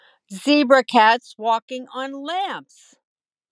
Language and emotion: English, sad